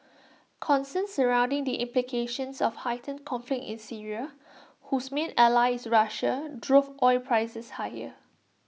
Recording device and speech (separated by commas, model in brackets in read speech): mobile phone (iPhone 6), read sentence